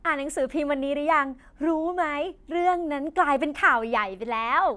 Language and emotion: Thai, happy